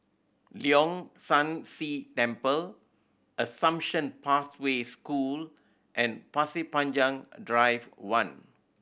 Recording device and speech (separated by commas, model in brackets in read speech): boundary microphone (BM630), read sentence